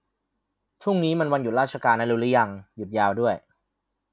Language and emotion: Thai, neutral